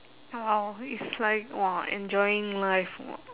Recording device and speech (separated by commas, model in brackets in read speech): telephone, conversation in separate rooms